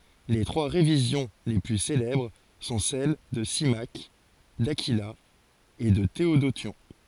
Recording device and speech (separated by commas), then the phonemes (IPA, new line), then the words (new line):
forehead accelerometer, read sentence
le tʁwa ʁevizjɔ̃ le ply selɛbʁ sɔ̃ sɛl də simak dakila e də teodosjɔ̃
Les trois révisions les plus célèbres sont celles de Symmaque, d'Aquila et de Théodotion.